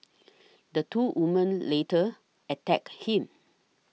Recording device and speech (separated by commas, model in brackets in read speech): mobile phone (iPhone 6), read sentence